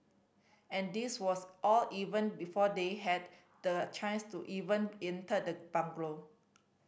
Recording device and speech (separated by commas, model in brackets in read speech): boundary microphone (BM630), read sentence